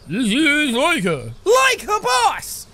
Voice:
strange voice